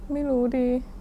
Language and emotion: Thai, sad